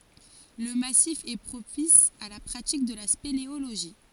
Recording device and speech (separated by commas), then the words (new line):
forehead accelerometer, read sentence
Le massif est propice à la pratique de la spéléologie.